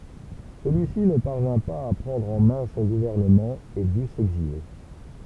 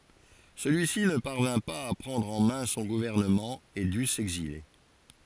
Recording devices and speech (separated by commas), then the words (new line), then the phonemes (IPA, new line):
temple vibration pickup, forehead accelerometer, read sentence
Celui-ci ne parvint pas à prendre en main son gouvernement et dut s’exiler.
səlyi si nə paʁvɛ̃ paz a pʁɑ̃dʁ ɑ̃ mɛ̃ sɔ̃ ɡuvɛʁnəmɑ̃ e dy sɛɡzile